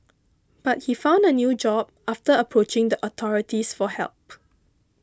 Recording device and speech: close-talking microphone (WH20), read sentence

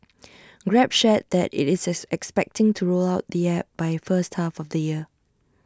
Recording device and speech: standing microphone (AKG C214), read sentence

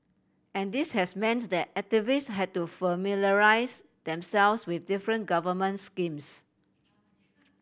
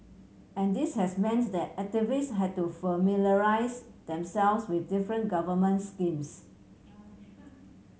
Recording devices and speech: boundary microphone (BM630), mobile phone (Samsung C7100), read sentence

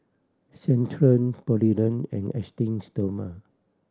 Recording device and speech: standing microphone (AKG C214), read sentence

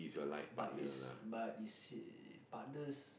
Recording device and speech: boundary microphone, conversation in the same room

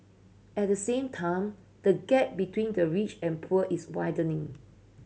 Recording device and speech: mobile phone (Samsung C7100), read sentence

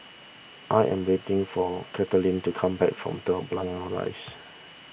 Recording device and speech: boundary microphone (BM630), read sentence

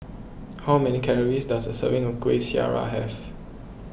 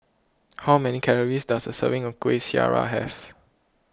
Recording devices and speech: boundary microphone (BM630), close-talking microphone (WH20), read sentence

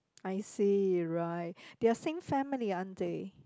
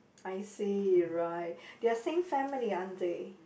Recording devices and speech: close-talking microphone, boundary microphone, conversation in the same room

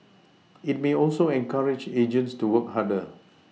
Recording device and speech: mobile phone (iPhone 6), read sentence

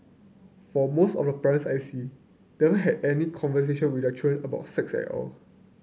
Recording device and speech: mobile phone (Samsung C9), read sentence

